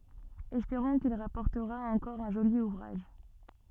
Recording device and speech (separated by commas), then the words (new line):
soft in-ear microphone, read sentence
Espérons qu'il rapportera encore un joli ouvrage.